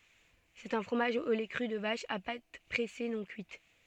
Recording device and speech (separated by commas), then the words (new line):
soft in-ear microphone, read sentence
C'est un fromage au lait cru de vache, à pâte pressée non cuite.